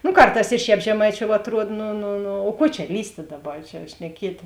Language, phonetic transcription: Lithuanian, nu ˈkarˌtās i ˈšēp žeˈmaiˌčiou atˈruod nu nu nu o ˈkuo čia ˈlįstė ˈdaˌba ˈčia šneˈkietė

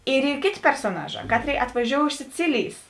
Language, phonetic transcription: Lithuanian, ir ˈy ˈkėˌtė persoˈnaˌžā ˈkatˌrėi atvaˈžiou iš siˈcilijs

